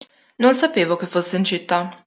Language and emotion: Italian, neutral